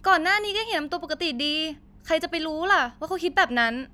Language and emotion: Thai, frustrated